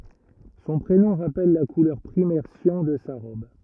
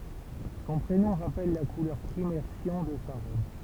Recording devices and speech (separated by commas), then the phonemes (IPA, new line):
rigid in-ear microphone, temple vibration pickup, read sentence
sɔ̃ pʁenɔ̃ ʁapɛl la kulœʁ pʁimɛʁ sjɑ̃ də sa ʁɔb